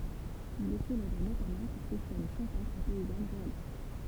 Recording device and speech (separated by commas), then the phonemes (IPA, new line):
temple vibration pickup, read sentence
il ɛ selɛbʁ notamɑ̃ puʁ se sɛn ʃɑ̃pɛtʁz e pɛizan ʁealist